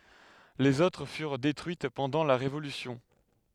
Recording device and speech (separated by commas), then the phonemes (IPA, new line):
headset microphone, read sentence
lez otʁ fyʁ detʁyit pɑ̃dɑ̃ la ʁevolysjɔ̃